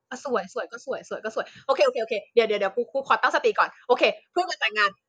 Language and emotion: Thai, happy